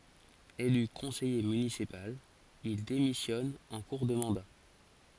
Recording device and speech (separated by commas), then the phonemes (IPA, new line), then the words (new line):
forehead accelerometer, read sentence
ely kɔ̃sɛje mynisipal il demisjɔn ɑ̃ kuʁ də mɑ̃da
Élu conseiller municipal, il démissionne en cours de mandat.